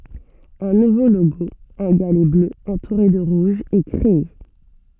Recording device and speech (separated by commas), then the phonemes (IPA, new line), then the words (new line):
soft in-ear microphone, read sentence
œ̃ nuvo loɡo œ̃ ɡalɛ blø ɑ̃tuʁe də ʁuʒ ɛ kʁee
Un nouveau logo, un galet bleu entouré de rouge, est créé.